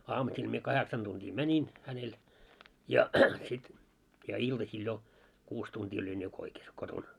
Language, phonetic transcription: Finnish, 'aamusil mie 'kaheksan tuntii "mäńin , hänel , ja sit , ja 'iltasil jo , 'kuus tuntii oĺin jo 'koikes 'koton .
- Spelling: aamusilla minä kahdeksan tuntia menin hänelle ja sitten ja iltasilla jo kuusi tuntia olin jo koikassa kotona

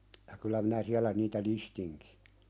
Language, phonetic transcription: Finnish, ja kylä minä siälä niitä "listiŋki .
- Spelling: ja kyllä minä siellä niitä listinkin

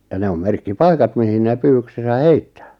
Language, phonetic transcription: Finnish, ja 'ne om "merkki"paikat mihin 'nè 'pyywyksesä "heittᴀ̈ᴀ̈ .
- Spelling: ja ne on merkkipaikat mihin ne pyydyksensä heittää

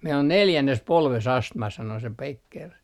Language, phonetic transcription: Finnish, » mei'l ‿on "neljännes 'polves "astma » sano se 'Pekker .
- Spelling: meillä on neljännessä polvessa astma sanoi se Becker

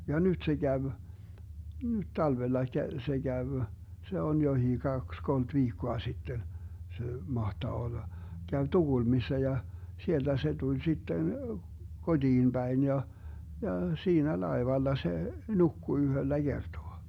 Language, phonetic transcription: Finnish, ja 'nyt se 'käv , nyt 'talvellaik kᵃ̈ - se 'käv , 'se on 'johii 'kaks 'kolt "viikkoa 'sitten , 'se 'mahtaa olla , 'käv "TuGulmissa ja , 'sielDä se 'Duĺ 'sitten , 'kodiin 'Bäin ja , ja 'siinä "laevalla 'se , "nukku 'yhöllä "Gertoa .
- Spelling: ja nyt se kävi nyt talvellakin - se kävi se on jokin kaksi kolme viikkoa sitten se mahtaa olla kävi Tukholmassa ja sieltä se tuli sitten kotiin päin ja ja siinä laivalla se nukkui yhdellä kertaa

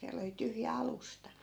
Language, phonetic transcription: Finnish, 'siäl ‿oli 'tyhjä "alusta .
- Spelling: siellä oli tyhjä alusta

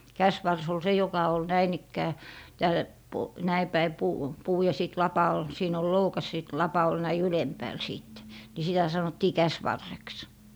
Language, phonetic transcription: Finnish, 'käsvars ol 'se joka ol 'näin ‿ikkää , tääl , po- , näi päi 'puu , 'puu ja sìt 'lapa ol , 'siin ‿ol "loukas sìt "lapa ol näi "ylempääl 'sìtte , ni sitä 'sanottii "käsvarreks .
- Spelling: käsivarsi oli se joka oli näin ikään täällä - näin päin puu puu ja sitten lapa oli siinä oli loukas sitten lapa oli näin ylempäällä sitten niin sitä sanottiin käsivarreksi

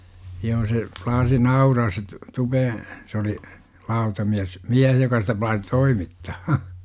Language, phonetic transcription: Finnish, 'joo se , plaasi "nauraas se t- , 'Tupeeḛ , sᵉ oli , 'lautamiäs , -"miäh joka sitä plaasi "toimittaa .
- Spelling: joo se plaasi nauraa se - Tupeen se oli lautamies mies joka sitä plaasi toimittaa

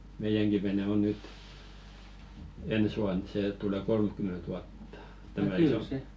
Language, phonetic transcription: Finnish, "meijäŋki vene o 'nyt , "ens ʷuan 'sè tule "kolmkyment ʷuattᴀ , tämä 'iso .
- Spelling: meidänkin vene on nyt ensi vuonna se tulee kolmekymmentä vuotta tämä iso

